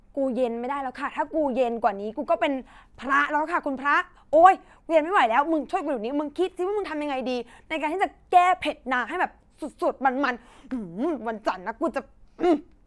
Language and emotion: Thai, angry